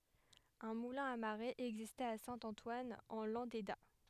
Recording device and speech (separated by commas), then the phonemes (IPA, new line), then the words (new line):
headset microphone, read sentence
œ̃ mulɛ̃ a maʁe ɛɡzistɛt a sɛ̃ ɑ̃twan ɑ̃ lɑ̃deda
Un moulin à marée existait à Saint-Antoine en Landéda.